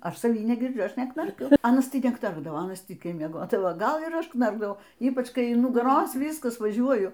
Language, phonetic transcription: Lithuanian, ˈaš saˈvį negirˈdžiu ˈaš neknarˈkiu ˈanas tai neˈknarkdavo ˈanas ˈtykiai mieˈgodavo ˈgal ir ˈaš ˈknarkdavau ˈypač ˈkai in nugaˈros vyskas vaˈžiuoju

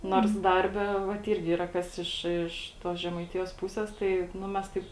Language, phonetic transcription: Lithuanian, nors ˈdarbe vat ˈirgi ˈyra ˈkas iš iš ˈtos žemaiˈtijos ˈpūses ˈtai ˈnu mes ˈtaip

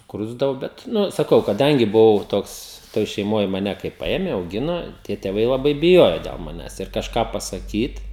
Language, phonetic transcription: Lithuanian, sukˈrusdavo ˈbet ˈnu saˈkau kaˈdangi buˈvau ˈtoks ˈtoj šeiˈmoj maˈne kai ˈpaėme auˈgino tie tėˈvai laˈbai biˈjojo del maˈnęs ir kažˈką pasaˈkyt

